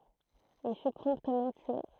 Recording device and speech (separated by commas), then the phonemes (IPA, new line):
throat microphone, read sentence
il fy pʁɔ̃ptmɑ̃ tye